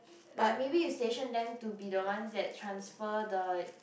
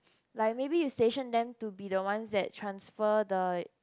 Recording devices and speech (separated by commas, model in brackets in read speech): boundary microphone, close-talking microphone, conversation in the same room